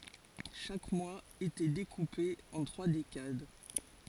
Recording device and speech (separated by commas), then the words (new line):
forehead accelerometer, read sentence
Chaque mois était découpé en trois décades.